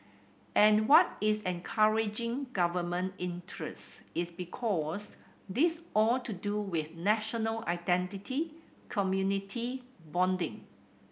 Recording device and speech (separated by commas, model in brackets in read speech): boundary microphone (BM630), read sentence